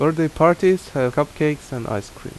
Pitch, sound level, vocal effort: 150 Hz, 82 dB SPL, normal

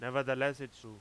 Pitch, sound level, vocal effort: 130 Hz, 97 dB SPL, very loud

